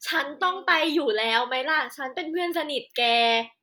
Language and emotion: Thai, happy